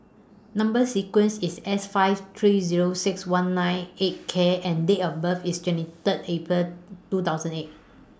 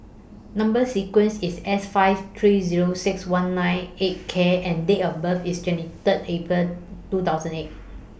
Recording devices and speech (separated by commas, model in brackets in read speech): standing microphone (AKG C214), boundary microphone (BM630), read sentence